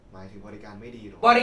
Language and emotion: Thai, neutral